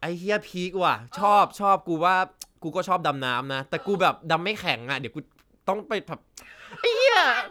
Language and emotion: Thai, happy